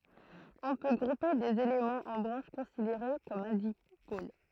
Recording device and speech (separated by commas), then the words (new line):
throat microphone, read sentence
On peut grouper des éléments en branches considérées comme un dipôle.